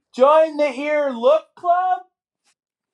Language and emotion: English, surprised